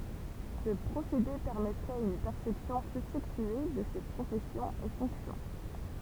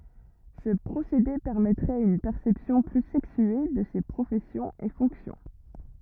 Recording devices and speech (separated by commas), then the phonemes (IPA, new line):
temple vibration pickup, rigid in-ear microphone, read sentence
sə pʁosede pɛʁmɛtʁɛt yn pɛʁsɛpsjɔ̃ ply sɛksye də se pʁofɛsjɔ̃z e fɔ̃ksjɔ̃